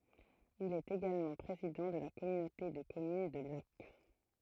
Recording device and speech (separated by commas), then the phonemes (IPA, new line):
throat microphone, read sentence
il ɛt eɡalmɑ̃ pʁezidɑ̃ də la kɔmynote də kɔmyn də lak